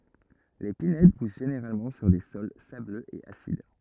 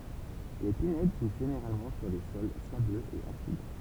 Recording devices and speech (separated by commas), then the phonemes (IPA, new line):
rigid in-ear microphone, temple vibration pickup, read sentence
le pinɛd pus ʒeneʁalmɑ̃ syʁ de sɔl sabløz e asid